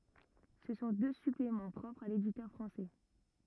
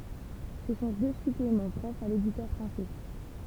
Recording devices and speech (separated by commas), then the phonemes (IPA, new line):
rigid in-ear microphone, temple vibration pickup, read sentence
sə sɔ̃ dø syplemɑ̃ pʁɔpʁz a leditœʁ fʁɑ̃sɛ